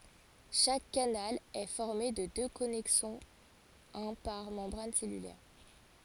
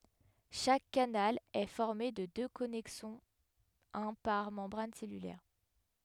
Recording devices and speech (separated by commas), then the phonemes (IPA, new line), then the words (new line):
forehead accelerometer, headset microphone, read sentence
ʃak kanal ɛ fɔʁme də dø kɔnɛksɔ̃z œ̃ paʁ mɑ̃bʁan sɛlylɛʁ
Chaque canal est formé de deux connexons, un par membrane cellulaire.